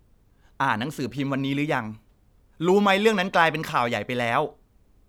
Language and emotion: Thai, frustrated